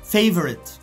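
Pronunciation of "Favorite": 'Favorite' is pronounced correctly here.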